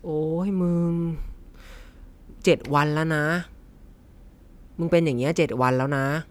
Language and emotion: Thai, frustrated